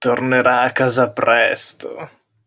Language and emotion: Italian, disgusted